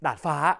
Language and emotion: Thai, happy